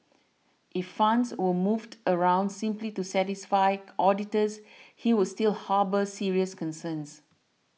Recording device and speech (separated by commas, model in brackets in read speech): mobile phone (iPhone 6), read sentence